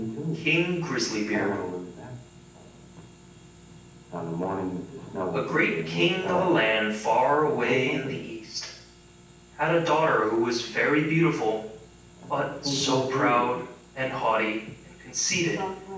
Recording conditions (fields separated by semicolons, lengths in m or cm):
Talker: one person; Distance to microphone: 9.8 m; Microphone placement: far; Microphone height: 1.8 m; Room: large; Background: television